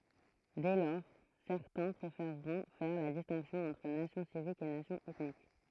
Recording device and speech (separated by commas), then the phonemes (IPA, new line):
throat microphone, read sentence
dɛ lɔʁ sɛʁtɛ̃ pʁefeʁʁɔ̃ fɛʁ la distɛ̃ksjɔ̃ ɑ̃tʁ nasjɔ̃ sivik e nasjɔ̃ ɛtnik